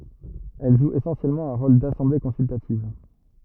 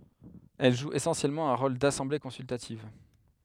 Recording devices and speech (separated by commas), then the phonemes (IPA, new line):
rigid in-ear microphone, headset microphone, read sentence
ɛl ʒu esɑ̃sjɛlmɑ̃ œ̃ ʁol dasɑ̃ble kɔ̃syltativ